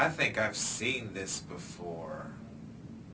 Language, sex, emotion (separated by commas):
English, male, neutral